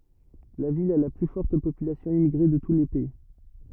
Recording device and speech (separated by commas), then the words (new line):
rigid in-ear microphone, read sentence
La ville a la plus forte population immigrée de tout le pays.